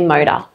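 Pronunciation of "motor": In 'motor', the t is said as a T flap.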